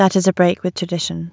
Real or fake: real